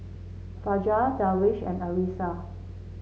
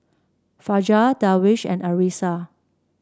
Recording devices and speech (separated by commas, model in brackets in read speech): mobile phone (Samsung C7), standing microphone (AKG C214), read sentence